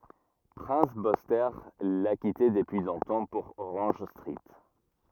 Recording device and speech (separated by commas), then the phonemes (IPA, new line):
rigid in-ear microphone, read sentence
pʁɛ̃s byste la kite dəpyi lɔ̃tɑ̃ puʁ oʁɑ̃ʒ stʁit